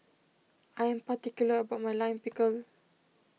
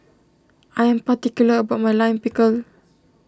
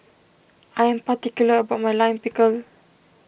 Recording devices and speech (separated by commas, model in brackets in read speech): mobile phone (iPhone 6), standing microphone (AKG C214), boundary microphone (BM630), read sentence